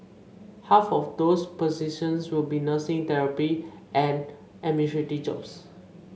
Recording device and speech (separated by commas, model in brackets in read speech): mobile phone (Samsung C5), read sentence